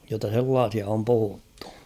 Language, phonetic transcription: Finnish, jotta 'sellaasia om 'puhuttᴜ .
- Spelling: jotta sellaisia on puhuttu

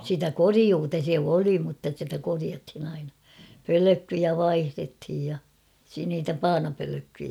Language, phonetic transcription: Finnish, sitä "koriuuta se 'oli mutta sitä koriathin ‿aina ; "pölökkyjä 'vaihrethij ja , si- niitä "paanapölökkyjä .
- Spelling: sitä korjuuta se oli mutta sitä korjattiin aina pölkkyjä vaihdettiin ja - niitä paanapölkkyjä

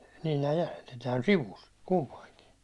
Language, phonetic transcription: Finnish, niin nää jäse(net) tääl "sivus , 'kumpaiŋkin̬ .
- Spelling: niin nämä jäsenet täällä sivussa kumpainenkin

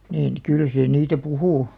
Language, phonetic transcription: Finnish, niin , 'kyl se niitä "puhù .
- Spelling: niin kyllä se niitä puhui

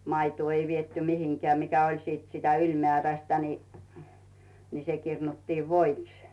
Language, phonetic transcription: Finnish, 'maituu ei vietty 'mihiŋkᵉä̀ mikä oĺ siit sitä 'yĺmeä̀rästä ni , ni se 'kirnuttiiv "voiks .
- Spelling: maitoa ei viety mihinkään mikä oli sitten sitä ylimääräistä niin niin se kirnuttiin voiksi

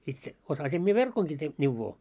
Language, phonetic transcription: Finnish, itse , 'osasim mie "verkoŋki te- , 'n̆ivvoo .
- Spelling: itse osasin minä verkonkin - neuvoa

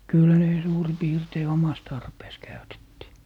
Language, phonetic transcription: Finnish, 'kyl ne 'suuri 'piirtei "omas tarpees 'käytettii .
- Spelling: kyllä ne suurin piirtein omassa tarpeessa käytettiin

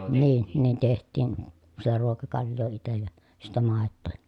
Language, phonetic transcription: Finnish, niin , nin teht̆tiin , si(tä) ruokakalj̆joo itej ja , sittä màettoo ja .
- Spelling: niin niin tehtiin sitä ruokakaljaa itse ja sitten maitoa ja

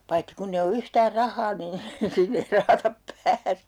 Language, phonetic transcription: Finnish, 'paitti kunn ‿e o 'yhtäär 'rah̆haa niin , 'sinne ei 'rahatap "pääsE .
- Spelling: paitsi kun ei ole yhtään rahaa niin sinne ei rahatta pääse

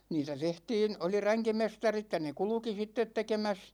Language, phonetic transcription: Finnish, 'niitä 'tehtiin , 'oli 'räŋkimestarit ja ne "kulᵘki 'sittet tekemäs ,.
- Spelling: niitä tehtiin oli ränkimestarit ja ne kulki sitten tekemässä

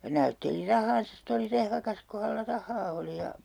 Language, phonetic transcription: Finnish, ʲᵃ 'näytteli "rah̀aansa ste oli 'rehvakas ku hällä 'rah̆haa oli ja , .
- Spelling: ja näytteli rahaansa sitten oli rehvakas kun hänellä rahaa oli ja

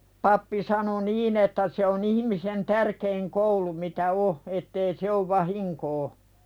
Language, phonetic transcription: Finnish, pappi 'sano "niin ‿että se on ‿ihⁱmisen "tärkeiŋ koulu mitä 'o , ettei 'se ov "vahiŋkoo .
- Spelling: pappi sanoi niin että se on ihmisen tärkein koulu mitä on että ei se ole vahinkoa

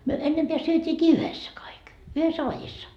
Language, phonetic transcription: Finnish, myö 'ennempeä 'syöt́iikii "yhessä kaik , 'yhessä "vajissa .
- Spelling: me ennempää syötiinkin yhdessä kaikki yhdessä vadissa

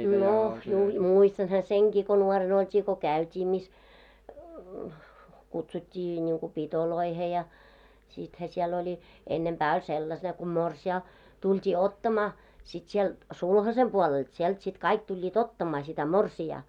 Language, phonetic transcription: Finnish, 'nò juh- , 'muistanha "seŋkii ko nuoren ‿olt́ii ko "kä̀yt́ii mis , 'kutsut́t́ii ńiŋku "pitoloihe ja , 'sithä siɛl ‿oĺi , 'ennempää oĺ sellas- ne ku 'morsi₍aa , 'tult́ii 'ottamaa , sit sielt , "sulhasem 'puolelt 'sielt sit 'kaik tuĺĺii"t ‿ottamaa sitä "morsi₍aa .
- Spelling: no - muistanhan senkin kun nuorena oltiin kun käytiin missä kutsuttiin niin kuin pitoihin ja sittenhän siellä oli ennempää oli - ne kun morsian tultiin ottamaan sitten sieltä sulhasen puolelta sieltä sitten kaikki tulivat ottamaan sitä morsianta

